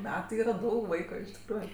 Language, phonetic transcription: Lithuanian, ˈmetɜ ˈyra ˈdaug ˈvaikui iš tikˈrųju

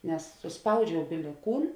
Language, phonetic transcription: Lithuanian, nes susˈpaudžiau bili ˈkūn

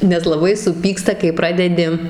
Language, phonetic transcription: Lithuanian, nes laˈbai suˈpyksta kai ˈpradedi

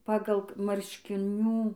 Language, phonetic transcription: Lithuanian, ˈpagal marškiˈnių

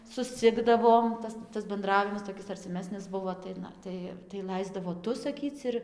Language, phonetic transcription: Lithuanian, susˈcikdavom ˈtas tas benˈdravimas toˈkis arciˈmesnis ˈbuvo tai ˈna ˈtai tai ˈlaisdavo ˈtu saˈkyc ir

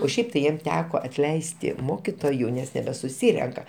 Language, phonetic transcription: Lithuanian, o ˈšiaip tai ˈjiem ˈteko atˈleisti ˈmokitoju ˈnes nebesuˈsyrenka

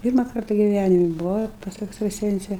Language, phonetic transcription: Lithuanian, ˈpyrma ˈkarta giˈvænimi buˈvau ir pas ekstraˈsence

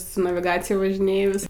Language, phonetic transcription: Lithuanian, su naviˈgacija važiˈnėjus

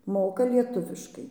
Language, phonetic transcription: Lithuanian, ˈmoka ˈlietuviškai

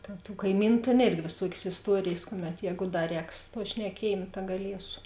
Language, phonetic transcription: Lithuanian, tėn tu ˈkaimynu ˈtėn ˈėrgi vėˈsuokės isˈtuorėjės ˈkuˌmet ˈjēgu ˈda ˈrēks tuo šneˈkiejėm ta gaˈliesu

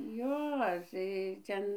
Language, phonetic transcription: Lithuanian, ˈjo tai ˈten

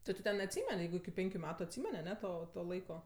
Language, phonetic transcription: Lithuanian, ˈtu ti ˈten atˈsymen' ˈjeigu iki ˈpenkiu ˈmetu atˈsymen' aˈne ˈto to ˈlaiko

